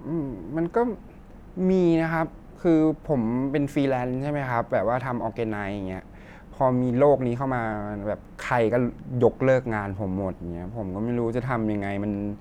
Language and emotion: Thai, neutral